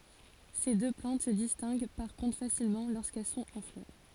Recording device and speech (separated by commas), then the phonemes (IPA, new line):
forehead accelerometer, read sentence
se dø plɑ̃t sə distɛ̃ɡ paʁ kɔ̃tʁ fasilmɑ̃ loʁskɛl sɔ̃t ɑ̃ flœʁ